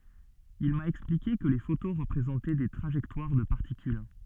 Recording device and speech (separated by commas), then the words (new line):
soft in-ear microphone, read sentence
Il m'a expliqué que les photos représentaient des trajectoires de particules.